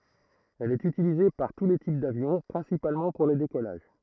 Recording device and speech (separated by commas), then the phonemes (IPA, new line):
throat microphone, read sentence
ɛl ɛt ytilize paʁ tu le tip davjɔ̃ pʁɛ̃sipalmɑ̃ puʁ le dekɔlaʒ